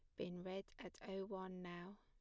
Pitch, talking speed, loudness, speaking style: 190 Hz, 200 wpm, -51 LUFS, plain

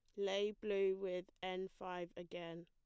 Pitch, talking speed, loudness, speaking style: 185 Hz, 145 wpm, -43 LUFS, plain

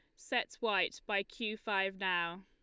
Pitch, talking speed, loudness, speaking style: 195 Hz, 160 wpm, -35 LUFS, Lombard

